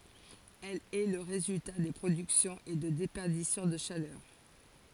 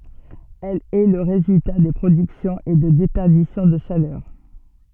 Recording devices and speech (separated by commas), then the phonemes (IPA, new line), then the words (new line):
forehead accelerometer, soft in-ear microphone, read sentence
ɛl ɛ lə ʁezylta də pʁodyksjɔ̃z e də depɛʁdisjɔ̃ də ʃalœʁ
Elle est le résultat de productions et de déperditions de chaleur.